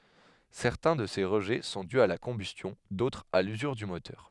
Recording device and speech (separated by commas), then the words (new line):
headset microphone, read sentence
Certains de ces rejets sont dus à la combustion, d'autres à l'usure du moteur.